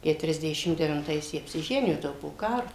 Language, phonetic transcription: Lithuanian, keturiasˈdešim devinˈtais ˈjie apsiˈženijo ˈtai jau po ˈkaro

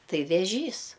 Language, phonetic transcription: Lithuanian, ˈtai veˈžys

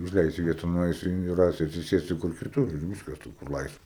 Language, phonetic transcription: Lithuanian, užˈleisiu ˈvieta nuˈaisiu in ˈrasiu atsiˈsėsiu kur kiˈtur ir ˈvyskas tų kur ˈlaisva

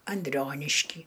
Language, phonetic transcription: Lithuanian, anˈdrionišky

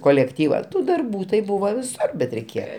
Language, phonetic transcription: Lithuanian, kolekˈtyva ˈtų darˈbų tai ˈbuvo viˈsur bet reiˈkėje

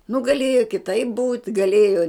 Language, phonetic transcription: Lithuanian, nu gaˈlėjo kiˈtaip būt' gaˈlėjo

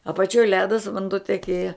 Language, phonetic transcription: Lithuanian, apaˈčioj ˈledas vanˈduo teˈkėja

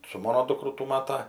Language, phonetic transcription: Lithuanian, su ˈmano ˈdūkru tų ˈmata

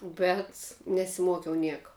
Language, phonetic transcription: Lithuanian, bet nesiˈmuokiau ˈnieka

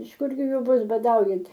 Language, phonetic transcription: Lithuanian, iš ˈkurgi ˈju ˈbus baˈdaujant

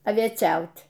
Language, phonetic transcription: Lithuanian, avieˈčiautˈ

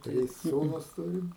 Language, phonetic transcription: Lithuanian, ˈtris ˈsūnus ˈturim

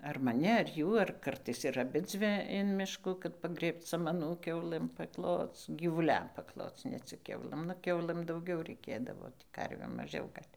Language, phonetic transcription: Lithuanian, ar maˈni ar ˈjų ar ˈkartais ir aˈbidzvi in ˈmiškų kad paˈgrėbc samaˈnų ˈkiaulɘm pakˈloc gyvuˈliam pakˈloc ne ˈcik ˈkiaulɘm nu ˈkiaulɘm dauˈgiau reiˈkėdavo ˈtį ˈkarvėm maˈžiau ˈgal'

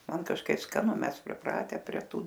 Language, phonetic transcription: Lithuanian, ˈman kažˈkaip skaˈnu ˈmes priˈprate prie ˈtų

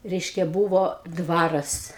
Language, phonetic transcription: Lithuanian, ˈreiškia ˈbūvo ˈdvaras

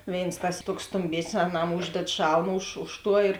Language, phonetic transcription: Lithuanian, ˈvėins tas ˈtuoks stumˈbėsnis aˈnam ˈūžded ˈšalm už ˈuž ˌtuo ir

